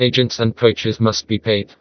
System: TTS, vocoder